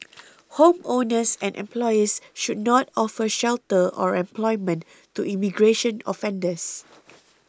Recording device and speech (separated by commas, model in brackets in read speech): close-talking microphone (WH20), read sentence